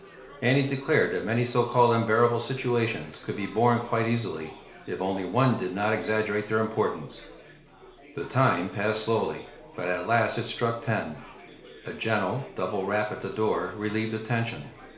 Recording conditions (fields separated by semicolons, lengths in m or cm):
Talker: one person; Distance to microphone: 1.0 m; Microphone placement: close; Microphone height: 1.1 m; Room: small (3.7 m by 2.7 m); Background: babble